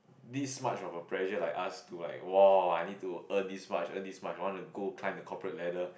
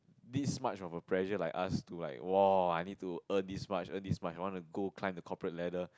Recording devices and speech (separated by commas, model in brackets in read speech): boundary microphone, close-talking microphone, conversation in the same room